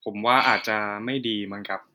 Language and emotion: Thai, frustrated